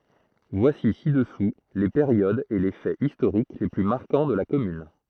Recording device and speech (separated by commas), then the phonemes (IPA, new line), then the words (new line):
throat microphone, read sentence
vwasi sidəsu le peʁjodz e le fɛz istoʁik le ply maʁkɑ̃ də la kɔmyn
Voici ci-dessous les périodes et les faits historiques les plus marquants de la commune.